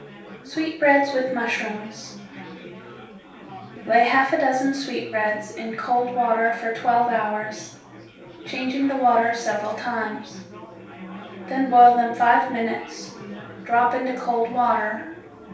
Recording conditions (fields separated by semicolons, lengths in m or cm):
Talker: one person; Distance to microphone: 3.0 m; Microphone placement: far; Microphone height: 1.8 m; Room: small (3.7 m by 2.7 m); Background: babble